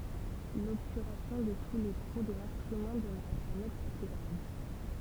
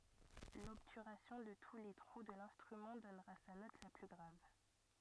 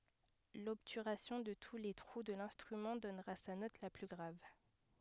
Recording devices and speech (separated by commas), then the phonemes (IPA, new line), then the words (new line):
temple vibration pickup, rigid in-ear microphone, headset microphone, read sentence
lɔbtyʁasjɔ̃ də tu le tʁu də lɛ̃stʁymɑ̃ dɔnʁa sa nɔt la ply ɡʁav
L'obturation de tous les trous de l'instrument donnera sa note la plus grave.